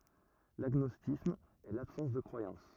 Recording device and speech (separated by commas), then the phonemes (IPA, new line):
rigid in-ear microphone, read sentence
laɡnɔstisism ɛ labsɑ̃s də kʁwajɑ̃s